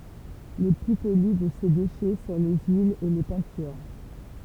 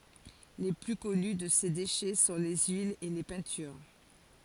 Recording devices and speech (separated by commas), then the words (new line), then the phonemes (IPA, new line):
temple vibration pickup, forehead accelerometer, read sentence
Les plus connus de ces déchets sont les huiles et les peintures.
le ply kɔny də se deʃɛ sɔ̃ le yilz e le pɛ̃tyʁ